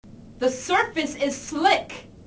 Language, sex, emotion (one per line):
English
female
angry